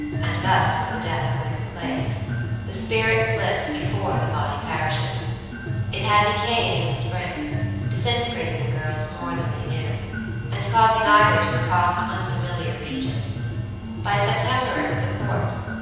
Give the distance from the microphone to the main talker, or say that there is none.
7.1 m.